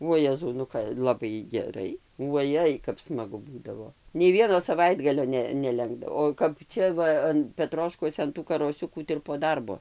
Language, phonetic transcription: Lithuanian, uo ˈjezau nu ˈka laˈbai geˈrai uoˈjai kap smaˈgu ˈbūdavo nei ˈvieno saˈvaitgalio ˈne neˈlenkdavo o kap ˈčia ˈva an peˈtroškuose an tų karoˈsiukų tai ir po ˈdarbo

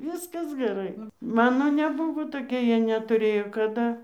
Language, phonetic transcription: Lithuanian, ˈviskas geˈrai ˈmano neˈbuvo toˈkie ˈjie netuˈrėjo kaˈda

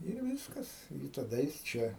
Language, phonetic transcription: Lithuanian, ir ˈvyskas i taˈda jis ˈčia

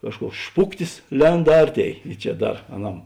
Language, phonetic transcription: Lithuanian, ˈkažˌkuoks ˈšpuktis ˈlend ˈarˌtėi i ˈčia ˈdar aˈnam

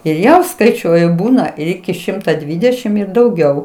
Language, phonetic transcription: Lithuanian, ir ˈjau skaiˈčiuoju ˈbūna ir ˈiki ˈšimta ˈdvydešim ˈir dauˈgiau

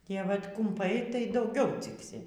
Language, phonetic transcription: Lithuanian, ˈtie ˈvat kumˈpai tai dauˈgiau ˈciksi

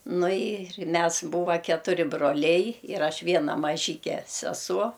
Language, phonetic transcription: Lithuanian, ˈnu ir ˈmes ˈbūva ketuˈri broˈliai ir ˈaš ˈviena maˈžyke seˈsuo

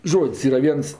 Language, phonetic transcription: Lithuanian, ˈžod's' ˈyra ˈviens

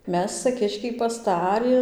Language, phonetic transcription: Lithuanian, ˈmes ca ˈkiškiai pasˈtari

